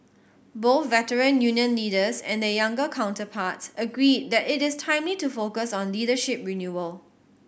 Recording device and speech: boundary microphone (BM630), read sentence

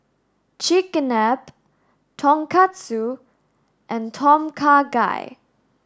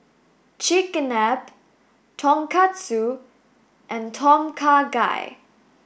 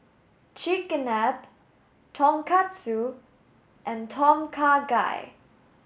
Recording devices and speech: standing microphone (AKG C214), boundary microphone (BM630), mobile phone (Samsung S8), read sentence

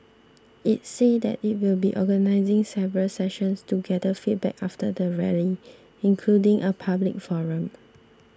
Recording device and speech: standing microphone (AKG C214), read sentence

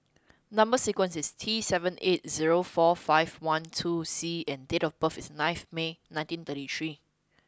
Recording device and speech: close-talking microphone (WH20), read sentence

